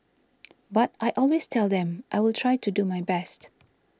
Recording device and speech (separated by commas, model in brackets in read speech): standing microphone (AKG C214), read sentence